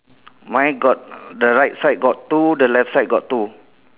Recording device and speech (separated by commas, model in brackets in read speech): telephone, conversation in separate rooms